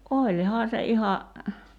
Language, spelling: Finnish, olihan se ihan
- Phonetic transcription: '’oĺhaa se 'iha ,.

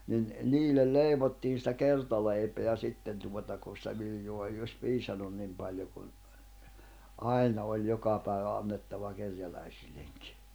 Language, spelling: Finnish, niin niille leivottiin sitä kertaleipää sitten tuota kun sitä viljaa ei olisi piisannut niin paljon kun aina oli joka päivä annettava kerjäläisillekin
- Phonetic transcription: nin , 'niillel "leivottiin̬ sⁱtä "kertaleipeä 'sitten tuota kun̬ sⁱtä 'viljoa ei oś 'piisanun nim paĺjo kun , 'ài̬na oĺ 'joka pä̀i̬vä annettava 'kerjäläisilleŋkɪ .

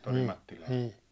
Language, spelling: Finnish, niin niin
- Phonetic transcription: nii , nii .

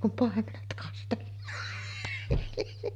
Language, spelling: Finnish, kun paimenet kastellaan
- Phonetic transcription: kum 'pàemenet kastellᴀᴀɴ .

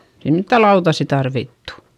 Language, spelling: Finnish, ei mitään lautasia tarvittu
- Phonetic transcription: ei mittä lautassi tarvittU .

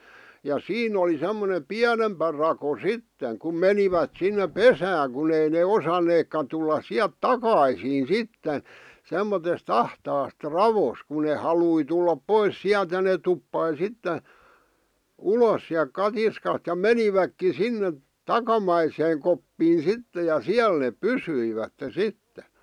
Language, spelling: Finnish, ja siinä oli semmoinen pienempi rako sitten kun menivät sinne pesään kun ei ne osanneetkaan tulla sieltä takaisin sitten semmoisesta ahtaasta raosta kun ne halusi tulla pois sieltä ja ne tuppasi sitten ulos sieltä katiskasta ja menivätkin sinne takamaiseen koppiin sitten ja siellä ne pysyivät sitten
- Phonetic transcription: ja "siin ‿oli 'semmone "piänempä rako "sitteŋ kum 'menivät 'sinne "pesääŋ kun ‿ei ne 'osaneekka tullas 'siäˡt "takaisiin "sitten̬ , 'semmotes't ‿ahtaast "ravos ku ne 'halui tullap "pois "siält ja neᵗ 'tuppai "sitte , "ulos siäl "katiskasᵗ ja "meniväkki "sinne , "takamaiseeŋ koppiin̬ "sitte ja "siäl neeᵖ "pysyivätte "sitte .

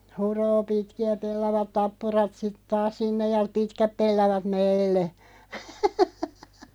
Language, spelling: Finnish, huroo pitkiä pellavat tappurat sitten taas sinne ja pitkät pellavat meille.
- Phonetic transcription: » 'huroo 'pitki₍ä "pellavat 'tappurat sit taas "sinnej ja "pitkäp 'pellavat "meille . «

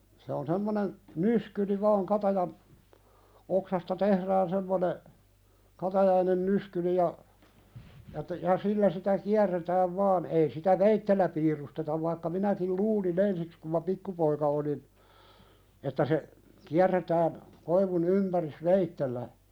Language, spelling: Finnish, se on semmoinen nyskyri vain katajan oksasta tehdään semmoinen katajainen nyskyri ja ja että ja sillä sitä kierretään vain ei sitä veitsellä piirustetaan vaikka minäkin luulin ensiksi kun minä pikkupoika olin että se kierretään koivun ympäri veitsellä
- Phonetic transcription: se on 'semmonen , "nyskyri vaaŋ 'katajan , oksasta "tehrään semmone , 'katajainen "nyskyli ja , ja että ja "sillä sitä "kiärretääv 'vaan ei sitä "veittellä piirustetav vaikka 'minäkil "luuli'n ‿ensiks kum ma "pikkupoika olin , että se , 'kiärretään , koivun 'ympäris "veittellä .

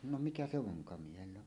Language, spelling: Finnish, no mikä se vonkamiehellä on
- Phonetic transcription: no "mikä 'se 'voŋkamiehell ‿on .

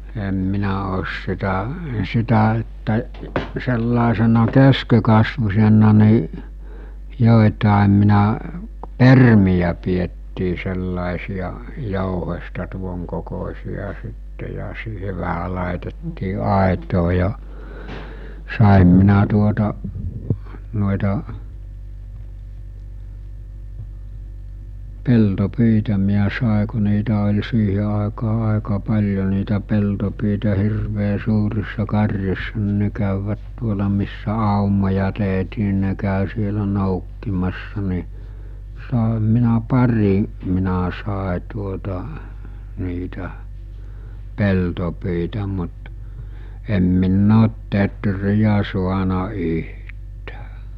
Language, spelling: Finnish, en minä ole sitä sitä että sellaisena keskenkasvuisena niin joitakin minä permiä pidettiin sellaisia jouhesta tuonkokoisia sitten ja siihen vähän laitettiin aitaa ja sain minä tuota noita peltopyitä minä sain kun niitä oli siihen aikaan aika paljon niitä peltopyitä hirveän suurissa karjoissa niin ne kävivät tuolla missä aumoja tehtiin niin ne kävi siellä noukkimassa niin sainhan minä pari minä sain tuota niitä peltopyitä mutta en minä ole teeriä saanut yhtään
- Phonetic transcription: em 'minä oos sitä , 'sitä että , sellàesena 'keskekasvus̜en̆na ni , 'jòetàem minä , "permijä piettii sellàesija , 'jouhesta 'tuoŋkokos̜i₍a sitte ja siihe 'vähä làetettii 'àetoo ja , sàem minä tuota , no̭eta , 'pelto'pyitä miä sàe ku niitä ol̜ 'siihe àekaa 'àeka 'paĺjo niitä 'peltopyitä 'hirvee 'suurissa 'kar̜jossa ni 'ne kä̀yvvät 'tuola missä 'àumoja tèɦtii ni ne kä̀ö sielä 'nòukkimassa ni , sàeham minä 'pari , minä 'sàe tuota , niitä , 'peltopyitä mut , em 'min'n ‿oot "tetrijä 'suana 'yht̀ᴀ̈ᴀ̈ .

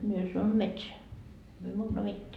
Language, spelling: Finnish, minä sanon metsään me muuta mitään
- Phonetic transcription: mie sanon » metseä , myö muuta 'mitteä .

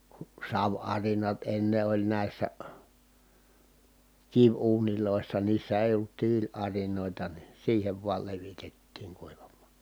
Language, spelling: Finnish, kun saviarinat ennen oli näissä kiviuunissa niissä ei ollut tiiliarinoita niin siihen vain levitettiin kuivamaan
- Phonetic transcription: ku sav₍arinat enne oĺ nä̀i̮ssä , kiv₍uunilòissa niissä èi ollut tiil₍arinòita ni siihev vual levitettiiŋ kuivammA .

